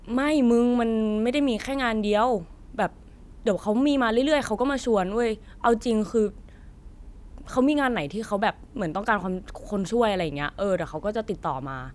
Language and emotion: Thai, frustrated